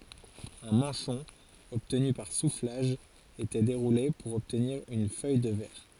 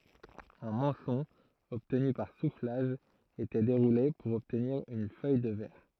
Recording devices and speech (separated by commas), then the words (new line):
forehead accelerometer, throat microphone, read sentence
Un manchon obtenu par soufflage était déroulé pour obtenir une feuille de verre.